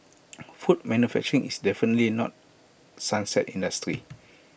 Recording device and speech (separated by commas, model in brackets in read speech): boundary microphone (BM630), read sentence